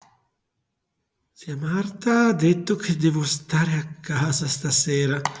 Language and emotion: Italian, fearful